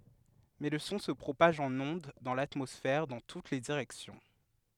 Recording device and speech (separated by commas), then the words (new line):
headset microphone, read sentence
Mais le son se propage en ondes dans l'atmosphère dans toutes les directions.